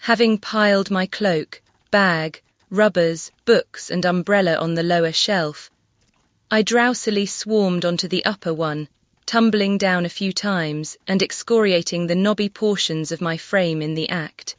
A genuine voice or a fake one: fake